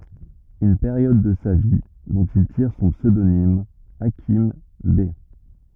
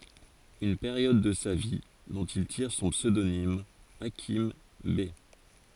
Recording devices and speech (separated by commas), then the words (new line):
rigid in-ear microphone, forehead accelerometer, read sentence
Une période de sa vie dont il tire son pseudonyme Hakim Bey.